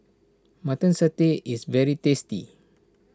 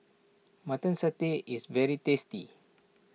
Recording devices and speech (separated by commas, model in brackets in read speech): standing microphone (AKG C214), mobile phone (iPhone 6), read sentence